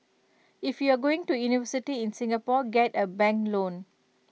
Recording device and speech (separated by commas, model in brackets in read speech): mobile phone (iPhone 6), read sentence